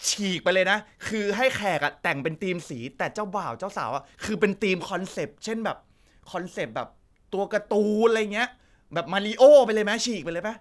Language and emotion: Thai, happy